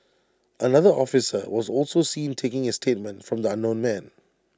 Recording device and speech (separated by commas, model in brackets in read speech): standing microphone (AKG C214), read sentence